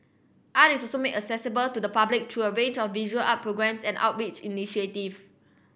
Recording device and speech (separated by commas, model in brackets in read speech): boundary microphone (BM630), read sentence